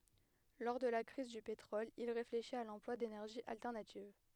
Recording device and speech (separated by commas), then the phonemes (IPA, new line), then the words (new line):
headset microphone, read sentence
lɔʁ də la kʁiz dy petʁɔl il ʁefleʃit a lɑ̃plwa denɛʁʒiz altɛʁnativ
Lors de la crise du pétrole, il réfléchit à l'emploi d'énergies alternatives.